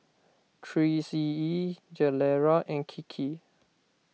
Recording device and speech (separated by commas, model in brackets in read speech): mobile phone (iPhone 6), read sentence